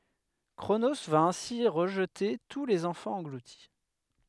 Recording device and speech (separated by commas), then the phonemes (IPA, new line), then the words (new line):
headset microphone, read sentence
kʁono va ɛ̃si ʁəʒte tu lez ɑ̃fɑ̃z ɑ̃ɡluti
Cronos va ainsi rejeter tous les enfants engloutis.